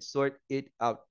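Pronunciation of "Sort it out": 'Sort it out' is said too slowly here, not in the quicker, more natural way.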